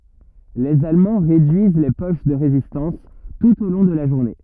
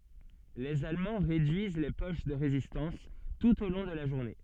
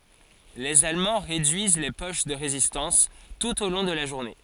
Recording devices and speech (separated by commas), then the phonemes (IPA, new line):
rigid in-ear microphone, soft in-ear microphone, forehead accelerometer, read sentence
lez almɑ̃ ʁedyiz le poʃ də ʁezistɑ̃s tut o lɔ̃ də la ʒuʁne